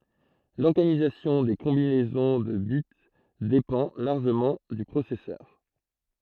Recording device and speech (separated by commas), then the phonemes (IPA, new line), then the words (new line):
throat microphone, read sentence
lɔʁɡanizasjɔ̃ de kɔ̃binɛzɔ̃ də bit depɑ̃ laʁʒəmɑ̃ dy pʁosɛsœʁ
L'organisation des combinaisons de bits dépend largement du processeur.